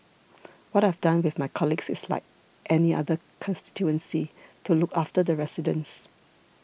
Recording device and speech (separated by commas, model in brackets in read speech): boundary microphone (BM630), read sentence